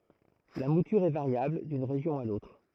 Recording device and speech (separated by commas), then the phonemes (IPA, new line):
throat microphone, read sentence
la mutyʁ ɛ vaʁjabl dyn ʁeʒjɔ̃ a lotʁ